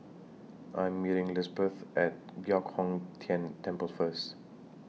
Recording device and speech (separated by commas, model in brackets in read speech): mobile phone (iPhone 6), read sentence